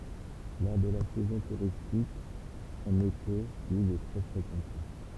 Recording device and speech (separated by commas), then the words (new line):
temple vibration pickup, read sentence
Lors de la saison touristique, en été, l'île est très fréquentée.